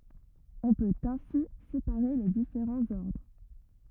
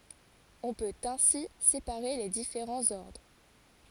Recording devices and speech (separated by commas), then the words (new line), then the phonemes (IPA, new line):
rigid in-ear microphone, forehead accelerometer, read sentence
On peut ainsi séparer les différents ordres.
ɔ̃ pøt ɛ̃si sepaʁe le difeʁɑ̃z ɔʁdʁ